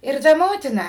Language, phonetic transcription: Lithuanian, ir ˈta ˈmotina

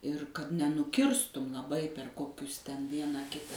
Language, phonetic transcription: Lithuanian, ir kad nenuˈkirstum laˈbai per ˈkokius ten ˈvieną ˈkita

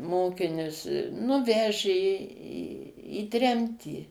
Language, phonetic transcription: Lithuanian, ˈmokinius nu ˈvežė į į ˈtremtį

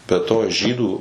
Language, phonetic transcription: Lithuanian, be ˈto ˈžydų

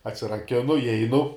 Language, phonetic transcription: Lithuanian, atsiraˈkinu iˈeinu

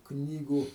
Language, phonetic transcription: Lithuanian, ˈknygų

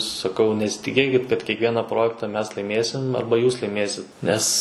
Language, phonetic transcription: Lithuanian, saˈkau nesitiˈkėkit kad kiekˈviena ˈprojekta ˈmes laiˈmėsim ˈarba ˈjūs laiˈmėsit ˈnes

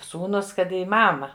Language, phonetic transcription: Lithuanian, ˈsūnūs ˈkad į ˈmama

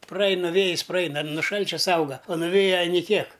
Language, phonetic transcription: Lithuanian, praˈaina ˈvėjis praˈaina nu ˈšalčia ˈsauga o nuˈvėja ˈani ˈkiek

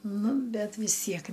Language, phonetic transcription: Lithuanian, ˈnu ˈbet vis ˈtiek

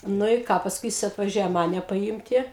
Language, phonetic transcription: Lithuanian, ˈnu i ˈką pasˈkui ˈjis atvaˈžiuoja ˈmane paˈjymti

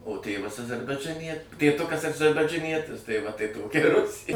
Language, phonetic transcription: Lithuanian, o ˈtėvas azarbaidžaˈnie tėˈtukas adžarbadžaˈnietis tai va tai ˈtokia i ˈrusė

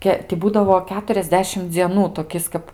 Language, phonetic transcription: Lithuanian, ˈke ti ˈbūdavo ˌketuriasˈdešim dzieˈnų toˈkis kap

